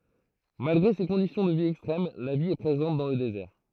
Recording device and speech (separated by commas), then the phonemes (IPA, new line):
throat microphone, read sentence
malɡʁe se kɔ̃disjɔ̃ də vi ɛkstʁɛm la vi ɛ pʁezɑ̃t dɑ̃ lə dezɛʁ